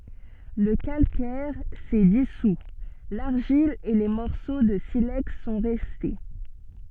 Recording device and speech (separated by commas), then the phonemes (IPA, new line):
soft in-ear microphone, read sentence
lə kalkɛʁ sɛ disu laʁʒil e le mɔʁso də silɛks sɔ̃ ʁɛste